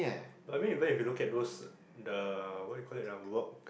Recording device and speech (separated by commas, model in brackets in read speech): boundary microphone, conversation in the same room